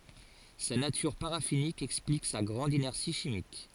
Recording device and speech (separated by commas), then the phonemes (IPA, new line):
forehead accelerometer, read sentence
sa natyʁ paʁafinik ɛksplik sa ɡʁɑ̃d inɛʁsi ʃimik